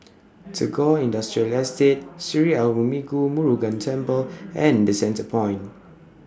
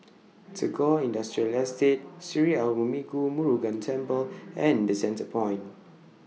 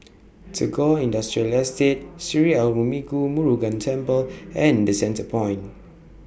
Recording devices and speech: standing microphone (AKG C214), mobile phone (iPhone 6), boundary microphone (BM630), read sentence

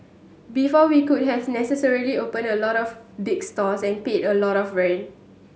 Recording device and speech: mobile phone (Samsung S8), read sentence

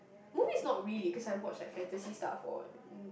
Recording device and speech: boundary microphone, conversation in the same room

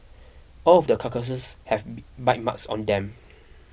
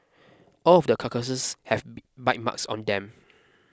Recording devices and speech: boundary microphone (BM630), close-talking microphone (WH20), read sentence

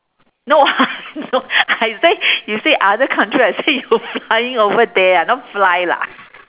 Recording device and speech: telephone, conversation in separate rooms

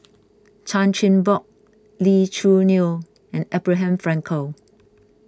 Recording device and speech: close-talking microphone (WH20), read sentence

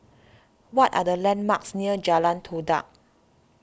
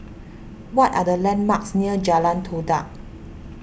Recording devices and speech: standing microphone (AKG C214), boundary microphone (BM630), read sentence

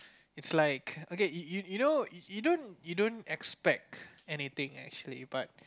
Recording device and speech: close-talking microphone, conversation in the same room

